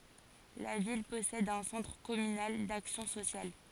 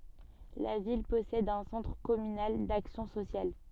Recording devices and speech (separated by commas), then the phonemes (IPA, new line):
forehead accelerometer, soft in-ear microphone, read sentence
la vil pɔsɛd œ̃ sɑ̃tʁ kɔmynal daksjɔ̃ sosjal